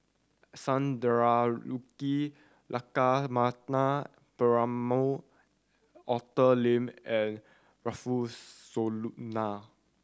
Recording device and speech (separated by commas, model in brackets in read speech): standing microphone (AKG C214), read sentence